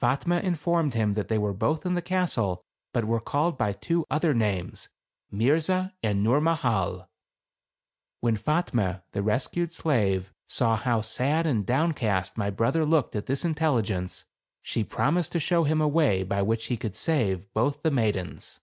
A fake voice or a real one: real